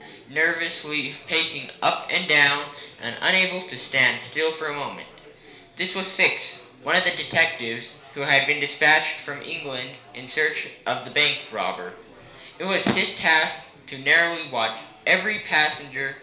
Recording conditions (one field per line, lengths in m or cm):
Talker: one person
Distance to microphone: 1.0 m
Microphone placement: close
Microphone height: 1.1 m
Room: small (3.7 m by 2.7 m)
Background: babble